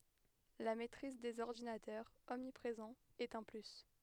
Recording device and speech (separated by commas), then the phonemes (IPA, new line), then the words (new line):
headset microphone, read sentence
la mɛtʁiz dez ɔʁdinatœʁz ɔmnipʁezɑ̃z ɛt œ̃ ply
La maitrise des ordinateurs, omniprésents, est un plus.